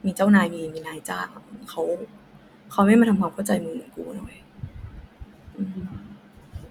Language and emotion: Thai, sad